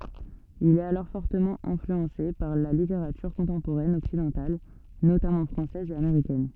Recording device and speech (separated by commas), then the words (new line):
soft in-ear microphone, read sentence
Il est alors fortement influencé par la littérature contemporaine occidentale, notamment française et américaine.